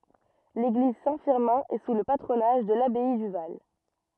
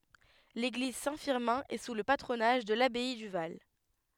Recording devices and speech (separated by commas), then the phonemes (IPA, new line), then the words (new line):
rigid in-ear microphone, headset microphone, read sentence
leɡliz sɛ̃ fiʁmɛ̃ ɛ su lə patʁonaʒ də labɛi dy val
L'église Saint-Firmin est sous le patronage de l'abbaye du Val.